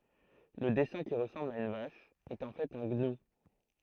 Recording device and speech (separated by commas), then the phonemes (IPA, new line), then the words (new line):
throat microphone, read sentence
lə dɛsɛ̃ ki ʁəsɑ̃bl a yn vaʃ ɛt ɑ̃ fɛt œ̃ ɡnu
Le dessin qui ressemble à une vache est en fait un gnou.